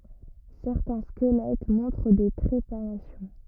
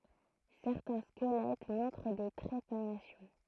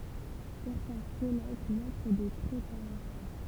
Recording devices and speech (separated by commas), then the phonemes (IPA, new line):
rigid in-ear microphone, throat microphone, temple vibration pickup, read sentence
sɛʁtɛ̃ skəlɛt mɔ̃tʁ de tʁepanasjɔ̃